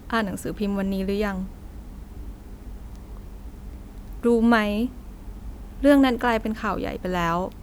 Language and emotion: Thai, sad